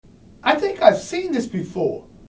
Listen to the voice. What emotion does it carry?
neutral